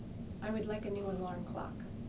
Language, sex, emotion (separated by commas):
English, female, neutral